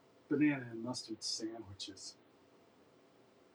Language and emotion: English, disgusted